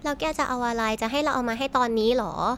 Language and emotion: Thai, frustrated